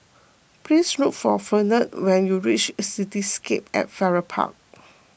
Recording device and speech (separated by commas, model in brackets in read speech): boundary microphone (BM630), read sentence